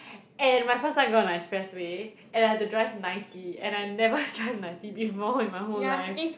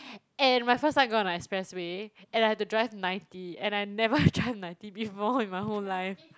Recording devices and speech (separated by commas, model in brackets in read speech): boundary microphone, close-talking microphone, conversation in the same room